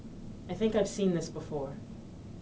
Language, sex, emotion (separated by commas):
English, female, neutral